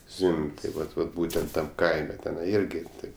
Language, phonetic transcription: Lithuanian, ˈzvim'b' tai ˈvat vat ˈbūtent tam ˈkaime teˈnai ˈirgi taip

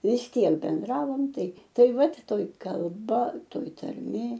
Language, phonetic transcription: Lithuanian, vis ˈtiek benˈdravom ˈtai ˈtai ˈvat ˈtoj kalˈba ˈtoj tarˈmė

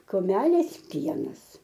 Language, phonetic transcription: Lithuanian, kuˈmelės ˈpienas

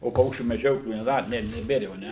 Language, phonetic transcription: Lithuanian, o ˈpaukščių meˈdžioklių neˈda ne neˈbėr jau aˈne

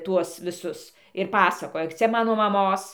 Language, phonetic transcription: Lithuanian, ˈtuos viˈsus ir paˈsakoja ˈcia ˈmano maˈmos

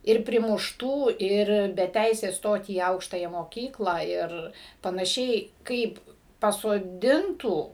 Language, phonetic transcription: Lithuanian, ˈir primušˈtų ˈir be ˈteisės ˈstot į ˈaukštają moˈkyklą ˈir panaˈšiai ˈkaip pasoˈdintų

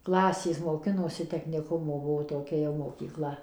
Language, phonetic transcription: Lithuanian, ˈklasės moˈkinosi tekniˈkumo ˈbuvo toˈkia jau mokyˈkla

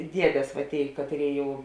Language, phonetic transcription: Lithuanian, ˈdiedės va ˈtėi ˈkatˌrėi ˈjau

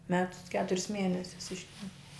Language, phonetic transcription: Lithuanian, ˈmetus i ˈketuris ˈmienesius ˈištempi

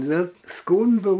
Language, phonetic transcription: Lithuanian, ˈnu ˈskūndų

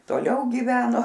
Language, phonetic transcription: Lithuanian, toˈliau gyˈveno

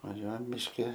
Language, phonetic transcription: Lithuanian, vaˈžiuojam mišˈki

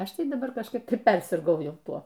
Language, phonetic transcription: Lithuanian, ˈaš ˈtai daˈbar kažˈkaip ˈtai ˈpersirgau ˈjau ˈtuo

